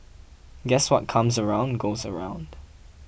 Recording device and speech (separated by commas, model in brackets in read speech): boundary microphone (BM630), read sentence